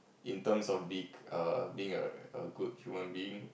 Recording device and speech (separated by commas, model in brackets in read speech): boundary microphone, conversation in the same room